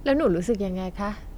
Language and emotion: Thai, neutral